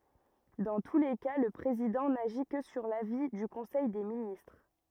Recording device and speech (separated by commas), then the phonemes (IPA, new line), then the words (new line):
rigid in-ear microphone, read sentence
dɑ̃ tu le ka lə pʁezidɑ̃ naʒi kə syʁ lavi dy kɔ̃sɛj de ministʁ
Dans tous les cas, le président n'agit que sur l'avis du conseil des ministres.